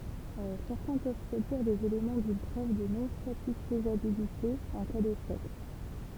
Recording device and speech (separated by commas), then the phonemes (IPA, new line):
temple vibration pickup, read sentence
sɛʁtɛ̃ pøv pʁodyiʁ dez elemɑ̃ dyn pʁøv də nɔ̃satisfjabilite ɑ̃ ka deʃɛk